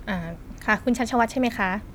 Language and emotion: Thai, neutral